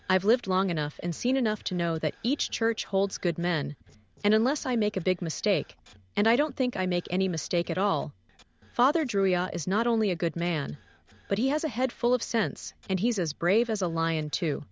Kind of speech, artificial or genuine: artificial